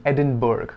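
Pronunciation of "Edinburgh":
'Edinburgh' is pronounced incorrectly here.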